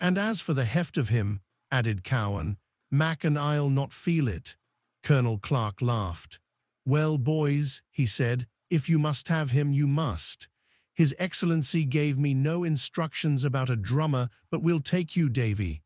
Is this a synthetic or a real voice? synthetic